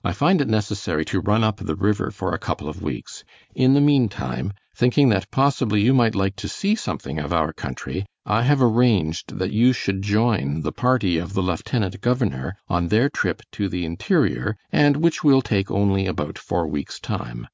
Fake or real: real